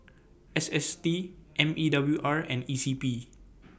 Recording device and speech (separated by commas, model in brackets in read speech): boundary microphone (BM630), read sentence